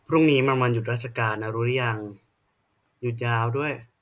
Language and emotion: Thai, neutral